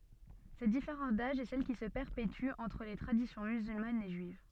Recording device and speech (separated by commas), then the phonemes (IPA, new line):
soft in-ear microphone, read sentence
sɛt difeʁɑ̃s daʒ ɛ sɛl ki sə pɛʁpety ɑ̃tʁ le tʁadisjɔ̃ myzylmanz e ʒyiv